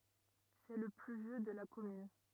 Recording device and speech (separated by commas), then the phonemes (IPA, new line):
rigid in-ear microphone, read sentence
sɛ lə ply vjø də la kɔmyn